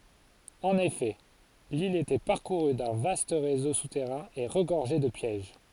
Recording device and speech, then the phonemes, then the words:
forehead accelerometer, read sentence
ɑ̃n efɛ lil etɛ paʁkuʁy dœ̃ vast ʁezo sutɛʁɛ̃ e ʁəɡɔʁʒɛ də pjɛʒ
En effet, l'île était parcourue d'un vaste réseau souterrain et regorgeait de pièges.

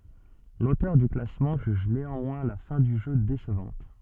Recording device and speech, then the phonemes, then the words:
soft in-ear microphone, read sentence
lotœʁ dy klasmɑ̃ ʒyʒ neɑ̃mwɛ̃ la fɛ̃ dy ʒø desəvɑ̃t
L'auteur du classement juge néanmoins la fin du jeu décevante.

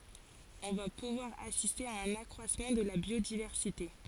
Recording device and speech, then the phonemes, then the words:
forehead accelerometer, read sentence
ɔ̃ va puvwaʁ asiste a œ̃n akʁwasmɑ̃ də la bjodivɛʁsite
On va pouvoir assister à un accroissement de la biodiversité.

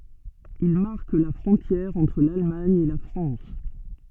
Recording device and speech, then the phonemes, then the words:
soft in-ear microphone, read sentence
il maʁk la fʁɔ̃tjɛʁ ɑ̃tʁ lalmaɲ e la fʁɑ̃s
Il marque la frontière entre l'Allemagne et la France.

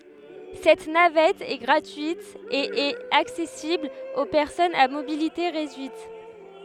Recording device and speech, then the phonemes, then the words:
headset microphone, read sentence
sɛt navɛt ɛ ɡʁatyit e ɛt aksɛsibl o pɛʁsɔnz a mobilite ʁedyit
Cette navette est gratuite et est accessible aux personnes à mobilité réduite.

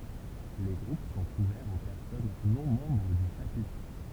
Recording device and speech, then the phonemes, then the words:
temple vibration pickup, read sentence
le ɡʁup sɔ̃t uvɛʁz o pɛʁsɔn nɔ̃ mɑ̃bʁ dy ʃapitʁ
Les groupes sont ouverts aux personnes non membres du Chapitre.

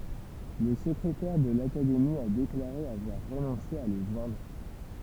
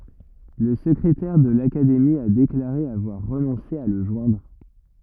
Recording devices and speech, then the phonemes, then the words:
temple vibration pickup, rigid in-ear microphone, read sentence
la səkʁetɛʁ də lakademi a deklaʁe avwaʁ ʁənɔ̃se a lə ʒwɛ̃dʁ
La secrétaire de l'Académie a déclaré avoir renoncé à le joindre.

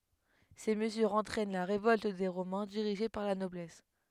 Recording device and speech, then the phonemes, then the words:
headset microphone, read sentence
se məzyʁz ɑ̃tʁɛn la ʁevɔlt de ʁomɛ̃ diʁiʒe paʁ la nɔblɛs
Ces mesures entraînent la révolte des Romains dirigée par la noblesse.

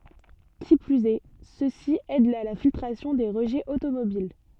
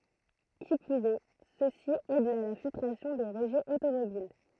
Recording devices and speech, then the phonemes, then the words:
soft in-ear microphone, throat microphone, read sentence
ki plyz ɛ sø si ɛdt a la filtʁasjɔ̃ de ʁəʒɛz otomobil
Qui plus est, ceux-ci aident à la filtration des rejets automobiles.

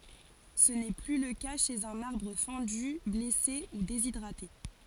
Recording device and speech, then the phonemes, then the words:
forehead accelerometer, read sentence
sə nɛ ply lə ka ʃez œ̃n aʁbʁ fɑ̃dy blɛse u dezidʁate
Ce n'est plus le cas chez un arbre fendu, blessé ou déshydraté.

